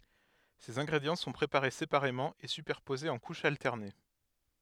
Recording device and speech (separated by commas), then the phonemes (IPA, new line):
headset microphone, read sentence
sez ɛ̃ɡʁedjɑ̃ sɔ̃ pʁepaʁe sepaʁemɑ̃ e sypɛʁpozez ɑ̃ kuʃz altɛʁne